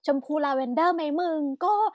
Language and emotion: Thai, happy